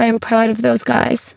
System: VC, spectral filtering